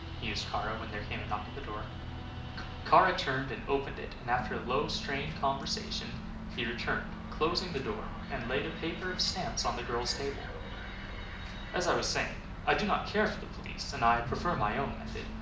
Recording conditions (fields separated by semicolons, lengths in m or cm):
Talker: one person; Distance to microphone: 2.0 m; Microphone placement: close; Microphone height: 99 cm; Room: medium-sized (5.7 m by 4.0 m); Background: music